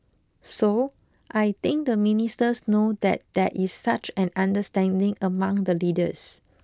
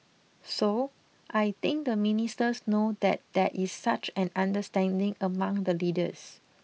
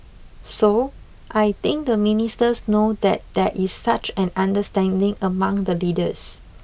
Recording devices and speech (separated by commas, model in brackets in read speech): close-talking microphone (WH20), mobile phone (iPhone 6), boundary microphone (BM630), read sentence